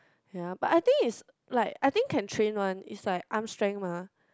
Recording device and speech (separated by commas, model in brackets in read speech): close-talking microphone, conversation in the same room